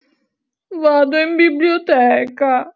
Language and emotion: Italian, sad